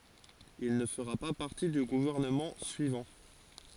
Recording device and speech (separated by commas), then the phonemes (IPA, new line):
forehead accelerometer, read sentence
il nə fəʁa pa paʁti dy ɡuvɛʁnəmɑ̃ syivɑ̃